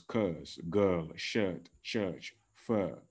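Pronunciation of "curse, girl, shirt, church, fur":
'Curse', 'girl', 'shirt', 'church' and 'fur' are said in the correct British English way, all with the same uh vowel. 'Fur' does not sound like 'fair', and 'shirt' does not sound like 'shet'.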